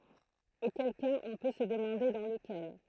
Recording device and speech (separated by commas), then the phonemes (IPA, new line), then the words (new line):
throat microphone, read sentence
okɛl kaz ɔ̃ pø sə dəmɑ̃de dɑ̃ ləkɛl
Auquel cas on peut se demander dans lequel.